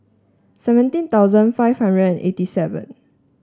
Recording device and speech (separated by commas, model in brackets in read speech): standing microphone (AKG C214), read sentence